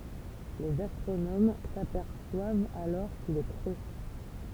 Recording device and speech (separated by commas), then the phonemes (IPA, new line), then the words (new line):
temple vibration pickup, read sentence
lez astʁonom sapɛʁswavt alɔʁ kil ɛ kʁø
Les astronomes s'aperçoivent alors qu'il est creux.